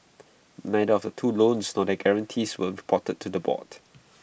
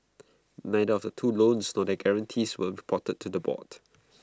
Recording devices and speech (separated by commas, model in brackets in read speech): boundary microphone (BM630), close-talking microphone (WH20), read sentence